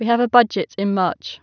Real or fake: real